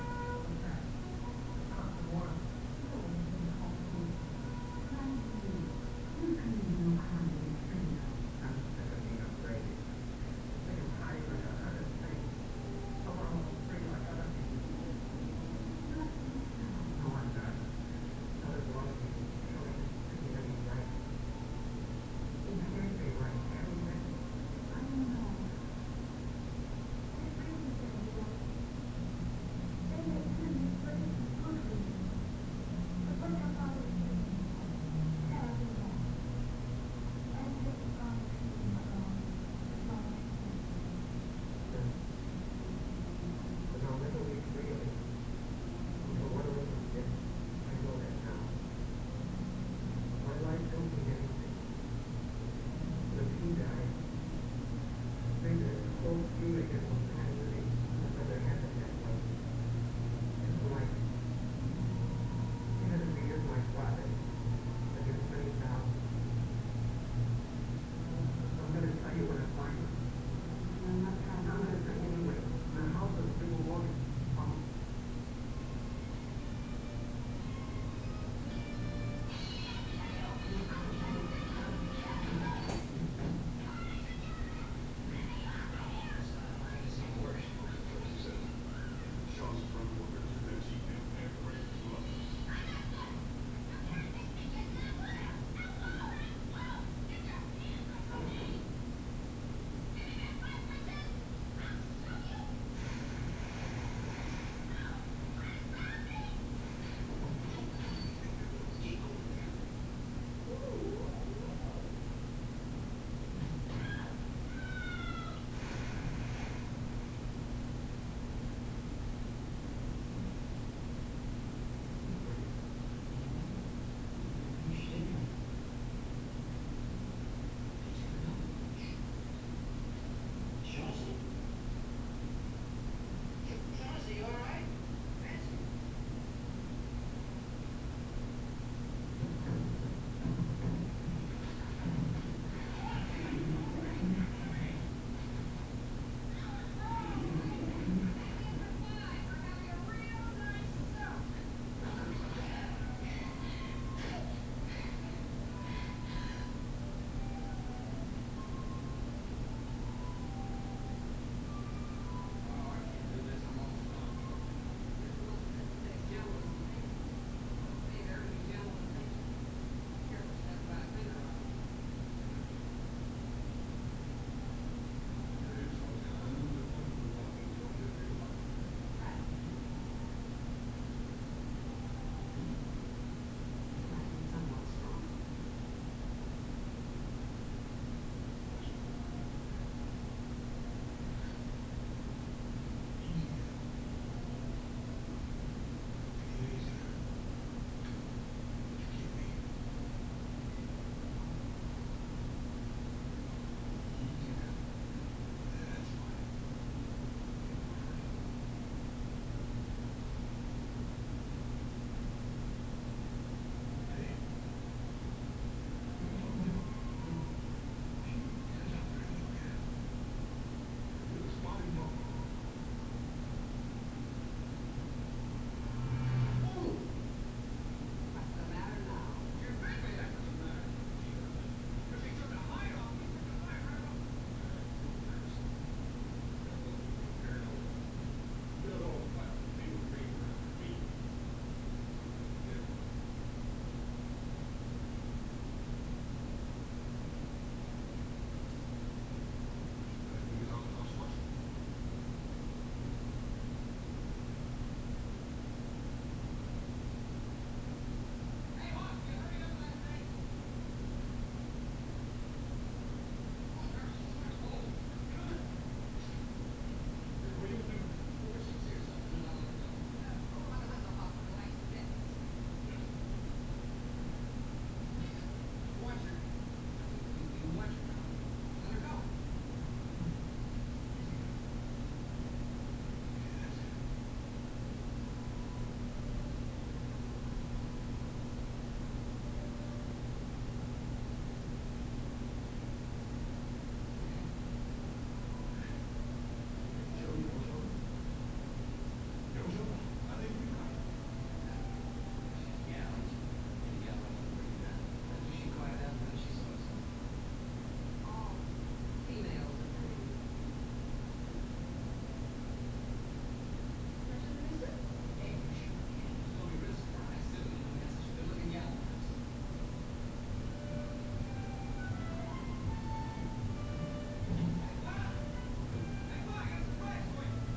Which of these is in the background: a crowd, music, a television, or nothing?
A television.